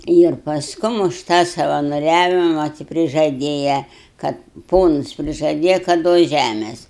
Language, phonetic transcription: Lithuanian, ˈyr pasˈkum už ˈtą savanoˈriavima ti prižaˈdėja ˈkad ˈponus prižaˈdėja kad ˈduos ˈžæmės

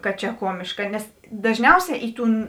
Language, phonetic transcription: Lithuanian, kad čia ˈkuomiška nes dažˈniauˌsē ˈi ˌtūn

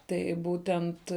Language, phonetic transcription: Lithuanian, ˈtai ˈbūtent

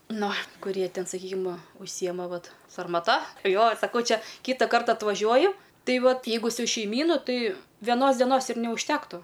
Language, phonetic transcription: Lithuanian, ˈnu kuˈrie ˈten saˈkykim užˈsyjema ˈvat sarmaˈta ˈjo saˈkau ˈčia ˈkyta ˈkarta atvaˈžiuoju ˈtai ˈvat ˈjeigu su šeiˈmynu ˈtai veˈnos deˈnos ir neužˈtektu

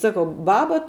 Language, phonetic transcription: Lithuanian, saˈkau ˈbaba

